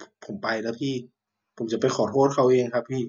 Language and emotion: Thai, sad